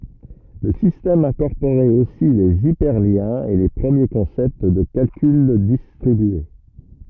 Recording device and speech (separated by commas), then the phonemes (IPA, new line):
rigid in-ear microphone, read sentence
lə sistɛm ɛ̃kɔʁpoʁɛt osi lez ipɛʁljɛ̃z e le pʁəmje kɔ̃sɛpt də kalkyl distʁibye